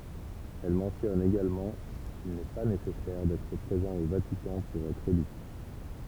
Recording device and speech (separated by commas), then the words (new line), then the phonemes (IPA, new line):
temple vibration pickup, read sentence
Elle mentionne également qu'il n'est pas nécessaire d'être présent au Vatican pour être élu.
ɛl mɑ̃tjɔn eɡalmɑ̃ kil nɛ pa nesɛsɛʁ dɛtʁ pʁezɑ̃ o vatikɑ̃ puʁ ɛtʁ ely